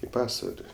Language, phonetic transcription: Lithuanian, i ˈpasvali

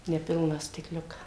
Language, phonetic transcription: Lithuanian, neˈpilną stikˈliuką

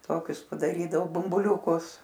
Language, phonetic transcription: Lithuanian, ˈtokius padaˈrydavo bumbuˈliūkus

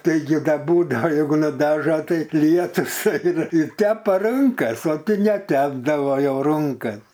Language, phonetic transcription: Lithuanian, taiˈgi ˈda ˈbūdao jeiˈgu nuˈdaža ˈtai ˈlietus ˈaina i ˈtepa ˈrunkas o tai neˈtepdavo jau ˈrunkas

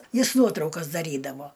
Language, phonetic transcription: Lithuanian, ˈjis ˈnuotraukas daˈrydavo

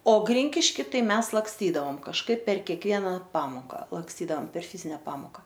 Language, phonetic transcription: Lithuanian, o ˈgrinkišky ˈtai ˈmes laksˈtydavom kažˈkaip per kekˈviena ˈpamoka laksˈtydaom per ˈfizinia ˈpamoka

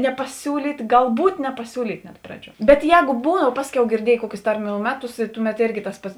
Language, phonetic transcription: Lithuanian, nepaˈsiūlyt' galˈbūt nepaˈsiūlyt' net ˈpraˌdžiuo bet ˈjēgo ˈbūdava ˈpasˌkiau girˈdiejė ˈkuokius ˈtarˌmių ˈmeˌtus i ˈtuˌmet ˈėrgi tas ˈpats

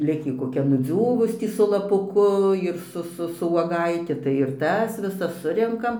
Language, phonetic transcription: Lithuanian, ˈlikį koˈkia nuˈdziūvus ˈtį su laˈpuku ir ˈsu ˈsu su uoˈgaiti tai ir ˈtas viˈsas ˈsurenkam

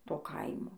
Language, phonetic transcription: Lithuanian, ˈto ˈkaimo

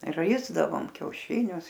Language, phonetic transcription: Lithuanian, ˈraisdavom kiauˈšinius

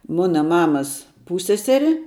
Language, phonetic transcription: Lithuanian, ˈmuna ˈmamas ˈpūsseˌseri

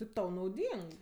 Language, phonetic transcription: Lithuanian, tip ˈtau nauˈdyng

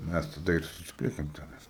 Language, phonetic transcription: Lithuanian, ˈmes taˈda ir suˈsipliekėm ˈtænais

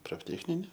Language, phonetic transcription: Lithuanian, profˈtecnine

